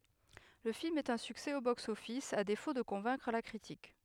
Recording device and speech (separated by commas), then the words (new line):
headset microphone, read sentence
Le film est un succès au box-office, à défaut de convaincre la critique.